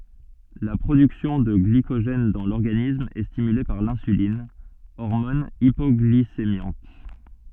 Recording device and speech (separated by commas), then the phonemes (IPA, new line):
soft in-ear microphone, read sentence
la pʁodyksjɔ̃ də ɡlikoʒɛn dɑ̃ lɔʁɡanism ɛ stimyle paʁ lɛ̃sylin ɔʁmɔn ipɔɡlisemjɑ̃t